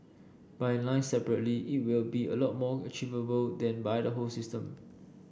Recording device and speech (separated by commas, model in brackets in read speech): boundary microphone (BM630), read sentence